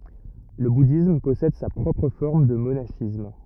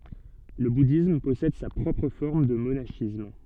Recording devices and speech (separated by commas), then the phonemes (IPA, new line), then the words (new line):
rigid in-ear microphone, soft in-ear microphone, read sentence
lə budism pɔsɛd sa pʁɔpʁ fɔʁm də monaʃism
Le bouddhisme possède sa propre forme de monachisme.